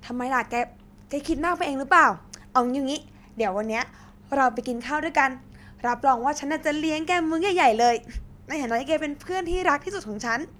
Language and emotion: Thai, happy